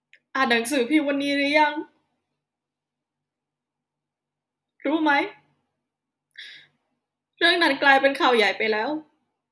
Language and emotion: Thai, sad